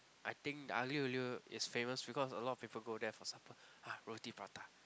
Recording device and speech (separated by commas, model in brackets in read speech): close-talking microphone, conversation in the same room